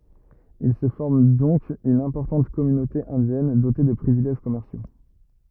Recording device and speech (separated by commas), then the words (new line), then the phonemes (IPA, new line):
rigid in-ear microphone, read sentence
Il se forme donc une importante communauté indienne, dotée de privilèges commerciaux.
il sə fɔʁm dɔ̃k yn ɛ̃pɔʁtɑ̃t kɔmynote ɛ̃djɛn dote də pʁivilɛʒ kɔmɛʁsjo